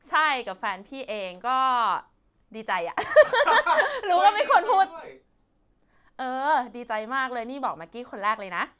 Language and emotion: Thai, happy